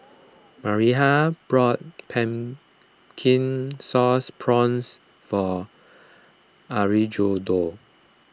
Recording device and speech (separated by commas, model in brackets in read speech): close-talking microphone (WH20), read sentence